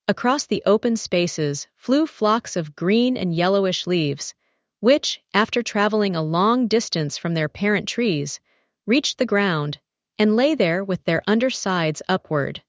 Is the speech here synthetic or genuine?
synthetic